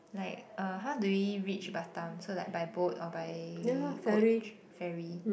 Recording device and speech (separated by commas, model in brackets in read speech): boundary microphone, conversation in the same room